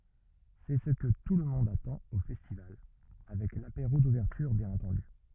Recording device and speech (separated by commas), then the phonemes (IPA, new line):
rigid in-ear microphone, read sentence
sɛ sə kə tulmɔ̃d atɑ̃t o fɛstival avɛk lapeʁo duvɛʁtyʁ bjɛ̃n ɑ̃tɑ̃dy